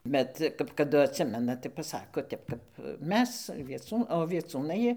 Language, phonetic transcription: Lithuanian, ˈbet kap kaˈdu atˈsimena tai paˈsako ˈtep kap ˈmes vieˈcū o vieˈcūnai

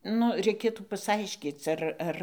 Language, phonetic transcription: Lithuanian, ˈnu reiˈkėtų pasˈaiškyc ar ˈar

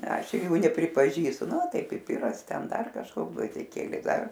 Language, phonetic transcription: Lithuanian, ˈaš ˈjų nepripaˈžįstu ˈnu ˈtai piˈpiras ˈten ˈdar kažˈkoks gvazdiˈkėliai ˈdar

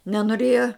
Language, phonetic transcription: Lithuanian, nenoˈrėja

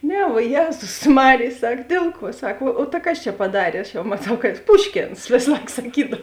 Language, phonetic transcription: Lithuanian, ˈne vuo ˈjėzus ˈmarėj ˈsak ˈdėl ˌkuo ˈsak o o ta ˈkas čia paˈdarė aš jau maˈtau ka ˈpuškėns ˈvės ˈlaik saˈkydav

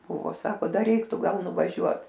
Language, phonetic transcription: Lithuanian, ˈbūvo ˈsako ˈdar ˈreiktu ˈgal nuvaˈžiuot

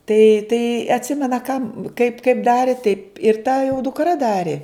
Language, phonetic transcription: Lithuanian, tai tai atˈsimena kam kaip kaip ˈdari taip ir ta jau dukˈra ˈdari

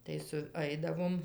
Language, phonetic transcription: Lithuanian, tai suˈaidavom

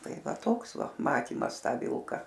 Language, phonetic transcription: Lithuanian, ˈtai ˈva ˈtoks ˈva ˈmatymas ˈtą ˈvilka

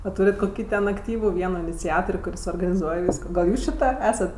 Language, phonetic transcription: Lithuanian, a ˈtūrit koˈkį ten akˈtyvu ˈvieno iniciator' kuˈris organiˈzuoj ˈvysko gal ˈjūs či ˈta ˈesat

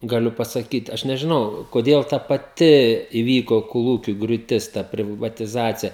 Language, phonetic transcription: Lithuanian, gaˈliu pasaˈkyt ˈaš nežiˈnau koˈdėl ta paˈti iˈvyko koˈlūkiu griūˈtis ˈta privatiˈzacija

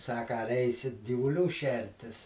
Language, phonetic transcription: Lithuanian, ˈsaka ar ˈeisit gyvuˈlių ˈšertis

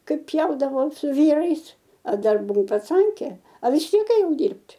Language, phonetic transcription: Lithuanian, ˈkaip ˈpjaudavau su ˈvyrais a ˈdar buˈvau paˈcankė a vis ˈtiek ėˈjau ˈdyrbt'

